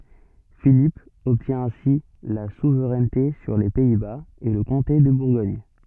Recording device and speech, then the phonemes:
soft in-ear microphone, read sentence
filip ɔbtjɛ̃ ɛ̃si la suvʁɛnte syʁ le pɛi baz e lə kɔ̃te də buʁɡɔɲ

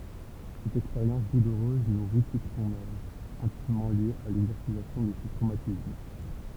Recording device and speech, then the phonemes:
temple vibration pickup, read sentence
sɛt ɛkspeʁjɑ̃s duluʁøz nuʁi tut sɔ̃n œvʁ ɛ̃timmɑ̃ lje a lɛɡzɔʁsizasjɔ̃ də sə tʁomatism

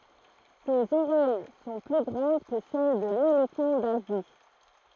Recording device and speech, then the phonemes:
throat microphone, read sentence
sez oʁɛj sɔ̃ ply ɡʁɑ̃d kə sɛl də lelefɑ̃ dazi

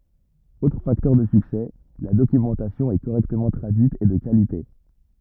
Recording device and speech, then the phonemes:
rigid in-ear microphone, read sentence
otʁ faktœʁ də syksɛ la dokymɑ̃tasjɔ̃ ɛ koʁɛktəmɑ̃ tʁadyit e də kalite

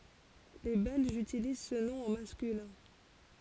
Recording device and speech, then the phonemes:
forehead accelerometer, read sentence
le bɛlʒz ytiliz sə nɔ̃ o maskylɛ̃

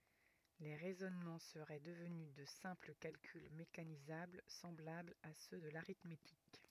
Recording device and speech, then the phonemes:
rigid in-ear microphone, read sentence
le ʁɛzɔnmɑ̃ səʁɛ dəvny də sɛ̃pl kalkyl mekanizabl sɑ̃blablz a sø də laʁitmetik

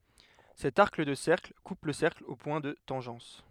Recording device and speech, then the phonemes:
headset microphone, read sentence
sɛt aʁk də sɛʁkl kup lə sɛʁkl o pwɛ̃ də tɑ̃ʒɑ̃s

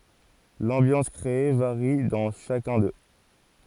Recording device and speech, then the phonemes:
forehead accelerometer, read sentence
lɑ̃bjɑ̃s kʁee vaʁi dɑ̃ ʃakœ̃ dø

